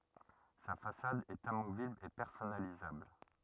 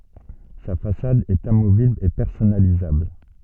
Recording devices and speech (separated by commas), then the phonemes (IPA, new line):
rigid in-ear microphone, soft in-ear microphone, read sentence
sa fasad ɛt amovibl e pɛʁsɔnalizabl